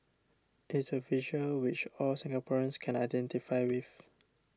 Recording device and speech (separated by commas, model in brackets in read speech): standing microphone (AKG C214), read sentence